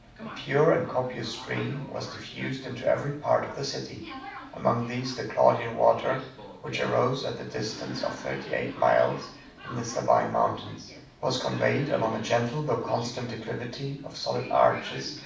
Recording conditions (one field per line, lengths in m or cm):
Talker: one person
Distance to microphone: 5.8 m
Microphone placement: far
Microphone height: 1.8 m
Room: medium-sized (5.7 m by 4.0 m)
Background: television